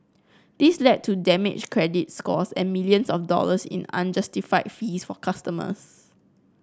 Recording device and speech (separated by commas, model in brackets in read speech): close-talking microphone (WH30), read sentence